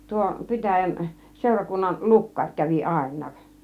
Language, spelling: Finnish, tuo pitäjän seurakunnan lukkari kävi ainakin
- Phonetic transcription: 'tuo , 'pitäjän , 'sèurakunnan , "lukkaŕ kävi "àin̆nAAk .

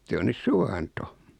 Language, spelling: Finnish, se on nyt suvanto
- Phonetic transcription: 'se on 'nys "suwanto .

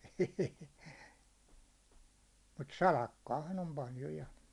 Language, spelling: Finnish, ei mutta salakkaahan on paljon ja
- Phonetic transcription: èi , mut "salakkaahan ‿om 'paljo 'ja .

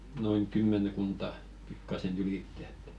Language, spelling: Finnish, noin kymmenkunta pikkuisen ylitse että
- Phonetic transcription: noin̳§ 'kymmen̳§kunta , pikkasen 'ylittᵉ ‿et .

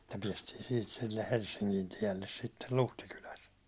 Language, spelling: Finnish, että päästiin siitä sille Helsingin tielle sitten Luhtikylässä
- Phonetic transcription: tä piɛstii siit silleh̆ 'Helssiŋkin tielles sittel "luhtikyläs .

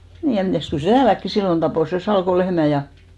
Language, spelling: Finnish, niin ja mitäs kyllä se täälläkin silloin tappoi sen Salkon lehmän ja
- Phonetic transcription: 'nii ja 'mitä̀st 'kyl se "tääläkki 'sillon tapò sen̬ 'Salko 'lehmä ja ,.

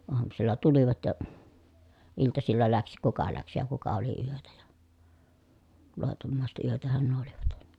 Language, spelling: Finnish, aamusilla tulivat ja iltasilla lähti kuka lähti ja kuka oli yötä ja loitommaiset yötähän nuo olivat
- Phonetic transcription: oamusilla tulivat ja , iltasilla läks kuka läks ja kuka oli yötä ja , lòitommàiset yötähän nuo olivat .

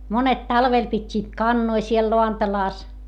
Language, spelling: Finnish, monet talvella pitivät kanoja siellä lantalassa
- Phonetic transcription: monet talvel pit́t́iit kannoi siel loantalàs .

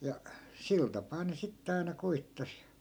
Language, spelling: Finnish, ja sillä tapaa ne sitten aina koetti
- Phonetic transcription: ja , 'sil tapaa ne 'sitte aina 'koittas .

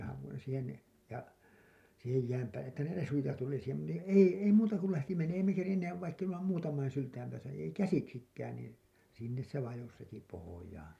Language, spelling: Finnish, haavoin siihen niin ja siihen jään päälle että ne resuja tuli siihen - niin ei ei muuta kuin lähti - ei me kerinneet vaikka emme muutaman sylen päässä ei käsiksikään niin sinne se vajosi heti pohjaan
- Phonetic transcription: haavoin̬) siihen ni , ja , siihej jääm päälle 'että ne 'resuja tuli siihem mu- , ni "ei , 'ei 'muuta kul lähti men- , ei me kerinneev vaikk ‿emmä , "muutamain 'syltäim 'pääsä , ei "käsiksikkään niin , "sinnes se 'vajos heti pohojaan̬ .

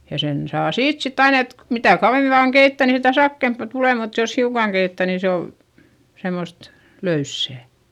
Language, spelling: Finnish, ja sen saa siitä sitten aina että mitä kauemmin vain keittää niin sitä sakeampaa tulee mutta jos hiukan keittää niin se oli semmoista löysää
- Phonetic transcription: ja sen saa siit sitt ‿ain ‿et , mitä̀ kauvemi vaaŋ keittä̀ niin sitä sakkèmpa tulè mut jos hiukaŋ keittä̀ ni se ol , semost , löyssä̀ .

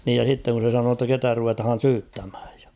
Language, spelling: Finnish, niin ja sitten kun se sanoi jotta ketä ruvetaan syyttämään ja
- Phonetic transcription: niij ja 's̬itteŋ kun̬ se 'sanoo ‿tta "ketä 'ruvetᵃhan̬ "syyttämhᴀ̈ᴀ̈ᴊ ᴊᴀ .

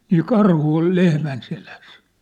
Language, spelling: Finnish, niin karhu oli lehmän selässä
- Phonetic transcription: nii 'karhu ol 'lehmän seläs !

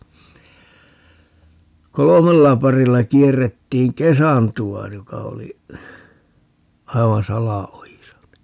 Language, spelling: Finnish, kolmella parilla kierrettiin kesantoa joka oli aivan salaojissa niin
- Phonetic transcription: "kolomella 'parilla 'kierrettiiŋ "kesantu₍a 'joka oli , 'aivan "sala₍ojisa ni , .

